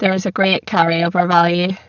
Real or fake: fake